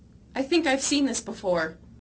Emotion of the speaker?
neutral